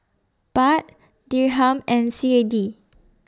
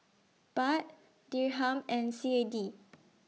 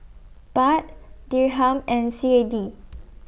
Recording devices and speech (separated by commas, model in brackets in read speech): standing microphone (AKG C214), mobile phone (iPhone 6), boundary microphone (BM630), read sentence